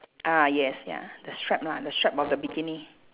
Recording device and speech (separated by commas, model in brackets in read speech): telephone, conversation in separate rooms